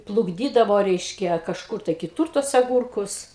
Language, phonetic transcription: Lithuanian, plukˈdydavo ˈreiškia kažˈkur tai kiˈtur tuos aˈgurkus

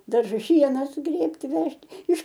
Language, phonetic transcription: Lithuanian, darˈžus ˈšiena suˈgrėbti ˈvežt iš

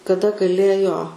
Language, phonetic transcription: Lithuanian, kaˈda gaˈlėjo

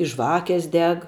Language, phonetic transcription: Lithuanian, i ˈžvakės ˈdeg

